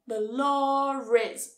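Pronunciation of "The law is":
An r sound links 'law' to 'is', even though 'law' has no r in its spelling. This is an intrusive R.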